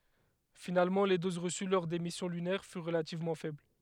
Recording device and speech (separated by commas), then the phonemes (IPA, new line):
headset microphone, read sentence
finalmɑ̃ le doz ʁəsy lɔʁ de misjɔ̃ lynɛʁ fyʁ ʁəlativmɑ̃ fɛbl